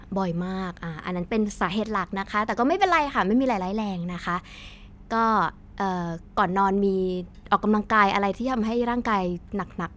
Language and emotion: Thai, neutral